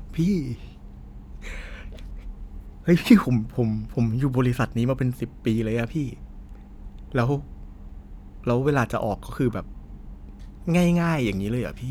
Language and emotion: Thai, frustrated